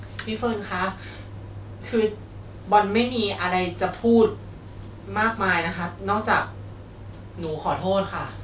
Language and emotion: Thai, sad